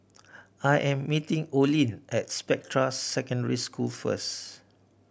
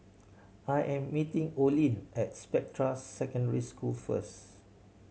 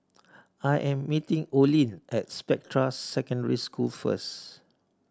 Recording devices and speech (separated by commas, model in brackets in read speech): boundary microphone (BM630), mobile phone (Samsung C7100), standing microphone (AKG C214), read sentence